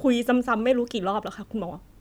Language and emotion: Thai, frustrated